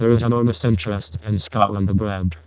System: VC, vocoder